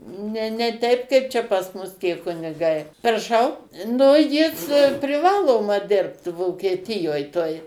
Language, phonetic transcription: Lithuanian, ˈne ne ˈteip kaip ˈčia pas ˈmus tie kuniˈgai praˈšau ˈnu ˈjis priˈvaloma ˈdirbt vokietiˈjoj toj

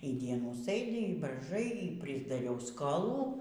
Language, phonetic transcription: Lithuanian, y ˈdienų ˈsɘdi y braiˈžai y prisdaˈriau skoˈlų

